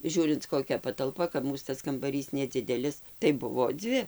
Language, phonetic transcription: Lithuanian, ˈžiūrint koˈkia patalˈpa kap ˈmūs tas kambaˈrys neˈdzidelis tai ˈbuvo ˈdzvi

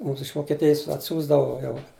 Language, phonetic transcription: Lithuanian, ˈmūms iš vokieˈtijis atˈsiųsdavo ˈjau

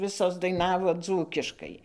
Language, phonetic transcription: Lithuanian, ˈvisos daiˈnavo ˈdzūkiškai

